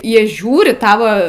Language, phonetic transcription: Lithuanian, ˈjie ˈžiūri ˈtava

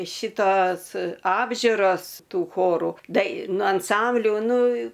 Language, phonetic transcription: Lithuanian, ˈšitos ˈapžiuros ˈtų ˈchoru daiˈnų anˈsambliu ˈnu

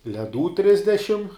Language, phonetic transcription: Lithuanian, leˈdų ˈtrisdešim

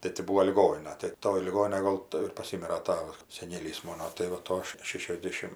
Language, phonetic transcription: Lithuanian, tai ti ˈbūo liˈgonina tai ˈtoj liˈgoninaj ˈgol tai ir paˈsimira ˈtava seˈnėlys ˈmono tai va ˈto šešiasˈdėšim

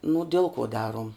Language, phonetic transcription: Lithuanian, nu ˈdel kuo ˈdaruom

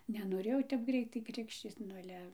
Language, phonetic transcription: Lithuanian, nenoˈrėjau tep ˈgreitai ˈkrikščyc nu aˈle

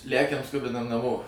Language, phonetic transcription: Lithuanian, ˈlækiam ˈskubinam naˈmo

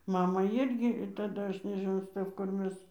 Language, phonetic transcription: Lithuanian, ˈmamą ˈirgi taˈda ˈaš nežiˈnau ˈstɜf kur ˈmes

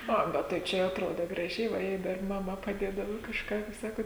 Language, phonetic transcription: Lithuanian, ˈa ˈbet tai ˈčia jau atˈroda graˈžiai va ˈjei dar maˈma paˈdėdava kažˈką ˈkaip ˈsakot

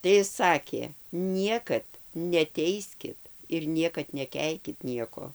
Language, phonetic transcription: Lithuanian, tai ˈis ˈsakė ˈniekad neˈteiskit ir ˈniekad neˈkeikit ˈnieko

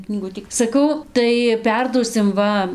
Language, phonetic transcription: Lithuanian, knyˈgutį saˈkau tai ˈperduosim ˈva

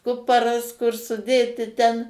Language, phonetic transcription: Lithuanian, ˈkuparas kur suˈdėti ten

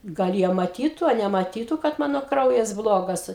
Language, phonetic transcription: Lithuanian, gal ˈjie maˈtytu a nemaˈtytu kad ˈmano ˈkraujas ˈblogas

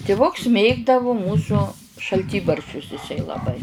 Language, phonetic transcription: Lithuanian, tiˈvuks ˈmėgdavu ˈmūsu šalˈtybarščius iˈsai laˈbai

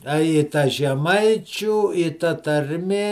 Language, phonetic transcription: Lithuanian, a i ˈta žeˈmaičių i ta tarˈmė

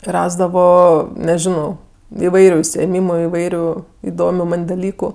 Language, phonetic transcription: Lithuanian, ˈrasdavo neˈžino iˈvairiu užsiėˈmymu iˈvairiu iˈdomiu ˈman' daˈlyku

